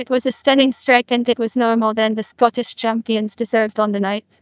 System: TTS, neural waveform model